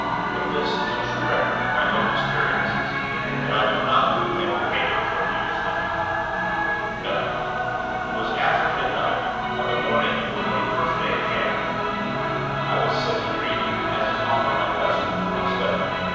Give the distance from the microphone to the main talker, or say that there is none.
7.1 m.